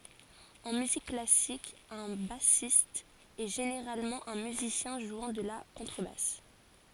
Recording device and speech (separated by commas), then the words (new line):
forehead accelerometer, read sentence
En musique classique, un bassiste est généralement un musicien jouant de la contrebasse.